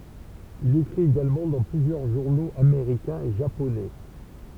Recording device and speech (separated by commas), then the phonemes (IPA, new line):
temple vibration pickup, read sentence
il ekʁit eɡalmɑ̃ dɑ̃ plyzjœʁ ʒuʁnoz ameʁikɛ̃z e ʒaponɛ